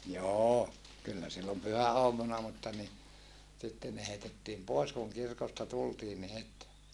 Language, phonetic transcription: Finnish, joo , kyllä sillom pyhä₍oamuna mutta ni , sitten ne heitettiim pòes kuŋ kirkosta tultiin ni het .
- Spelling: joo kyllä silloin pyhäaamuna mutta niin sitten ne heitettiin pois kun kirkosta tultiin niin heti

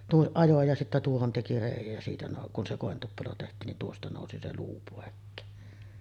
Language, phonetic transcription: Finnish, 'tuoˀ 'ˀajo ja sittä 'tuohon teki 'rèij̆jäj jä siitä nòu- , kun se 'kòentuppelo teht̀iin nin 'tuosta 'nòusi se "luu 'pòekkeen .
- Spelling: tuon ajoi ja sitten tuohon teki reiän ja siitä - kun se kointuppelo tehtiin niin tuosta nousi se luu pois

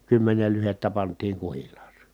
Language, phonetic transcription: Finnish, kymmenel lyhettä pant̀iiŋ kuhil̀aasE .
- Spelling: kymmenen lyhdettä pantiin kuhilaaseen

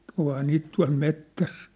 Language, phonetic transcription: Finnish, ohaa 'niit tua̭l 'mettäs !
- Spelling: onhan niitä tuolla metsässä

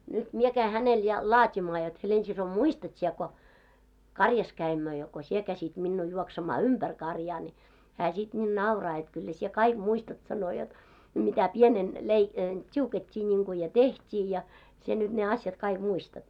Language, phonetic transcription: Finnish, nyt 'mie käi 'hänel ja , "laatimaa jot » 'Helensiso "muistat siɛ ko , "karjas käimmö ja ko 'sie käsit minnuu 'juoksemaa "umʙär 'karjaa « ni , 'hää sit ńiin "nauraa jot » kyllä sie "kaik 'muistat « sano jot , » mitä 'pienen lei- , "t́iuket́t́ii niŋku ja "teht́ii ja , sie nyt ne "asjat kaiɢ 'muistat « .
- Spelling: nyt minä kävin hänelle ja laatimaan jotta Helena-sisko muistat sinä kun karjassa kävimme ja kun sinä käskit minua juoksemaan ympäri karjaa niin hän sitten niin nauraa jotta kyllä sinä kaikki muistat sanoi jotta mitä pienenä - tiukattiin niin kuin ja tehtiin ja sinä nyt ne asiat kaikki muistat

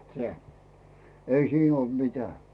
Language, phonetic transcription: Finnish, seä , 'ei siin ‿ol "mitä̀ .
- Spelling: sehän ei siinä ollut mitään

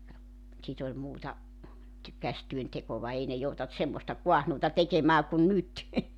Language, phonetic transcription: Finnish, (ja) , 'sit ‿oĺ 'muuta , ty- 'kästyöntekova 'ei ne joutant 'semmosta 'kuahnuuta 'tekemää kun "nyt .
- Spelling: ja sitten oli muuta - käsityöntekoa ei ne joutanut semmoista kaahnuuta tekemään kuin nyt

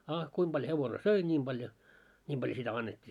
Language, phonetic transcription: Finnish, a , 'kuim ʙaljo 'hevone "söi 'ńiim ʙaljo , ńiim ʙaljo sitä "annet́t́i .
- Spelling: a kuinka paljon hevonen söi niin paljon niin paljon sitä annettiin

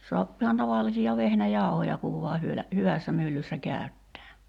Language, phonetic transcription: Finnish, 'soapp ‿ihan taval̆lisi₍a 'vehnä'jàu̬hoja kuv vua hyölä , "hyvässä 'myllyssä 'kä̀y̬ttää .
- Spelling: saa ihan tavallisia vehnäjauhoja kun vain hyvällä hyvässä myllyssä käyttää

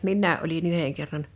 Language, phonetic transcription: Finnish, minnää’ ’oli"n ‿yheŋ kerran .
- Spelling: minäkin olin yhden kerran

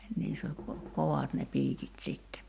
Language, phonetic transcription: Finnish, 'niiss ‿ol ko- , "kovat ne 'piikit 'sitte .
- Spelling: niissä oli - kovat ne piikit sitten

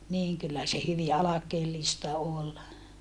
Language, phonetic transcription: Finnish, niiŋ kyllä se hyvi alakeellista ol .
- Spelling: niin kyllä se hyvin alkeellista oli

